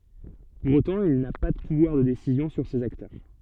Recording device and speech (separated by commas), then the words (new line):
soft in-ear microphone, read sentence
Pour autant, il n'a pas de pouvoir de décisions sur ces acteurs.